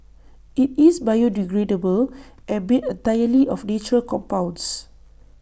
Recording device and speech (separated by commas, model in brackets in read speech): boundary microphone (BM630), read sentence